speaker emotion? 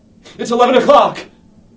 fearful